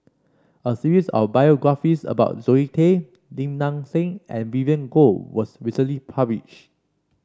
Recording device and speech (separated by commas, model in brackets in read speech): standing microphone (AKG C214), read sentence